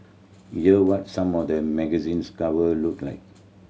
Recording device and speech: mobile phone (Samsung C7100), read sentence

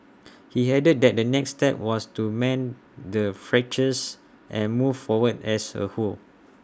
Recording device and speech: standing microphone (AKG C214), read sentence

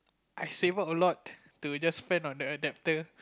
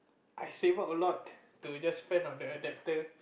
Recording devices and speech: close-talking microphone, boundary microphone, conversation in the same room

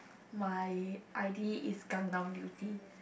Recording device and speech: boundary microphone, conversation in the same room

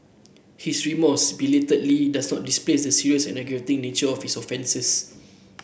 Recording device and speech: boundary microphone (BM630), read sentence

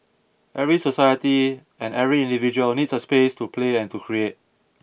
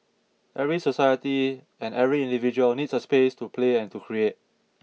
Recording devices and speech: boundary microphone (BM630), mobile phone (iPhone 6), read sentence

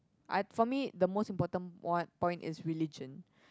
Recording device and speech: close-talking microphone, conversation in the same room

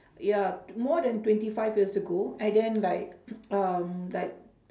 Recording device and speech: standing microphone, conversation in separate rooms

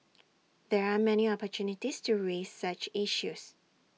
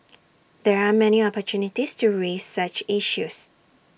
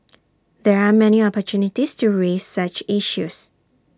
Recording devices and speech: mobile phone (iPhone 6), boundary microphone (BM630), standing microphone (AKG C214), read sentence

